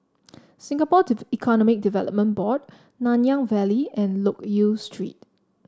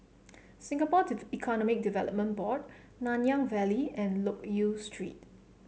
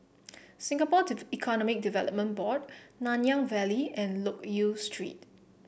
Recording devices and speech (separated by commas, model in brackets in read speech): standing microphone (AKG C214), mobile phone (Samsung C7), boundary microphone (BM630), read sentence